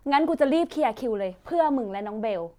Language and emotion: Thai, happy